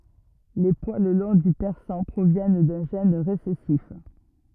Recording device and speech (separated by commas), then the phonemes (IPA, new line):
rigid in-ear microphone, read sentence
le pwal lɔ̃ dy pɛʁsɑ̃ pʁovjɛn dœ̃ ʒɛn ʁesɛsif